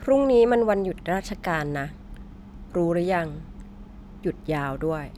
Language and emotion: Thai, frustrated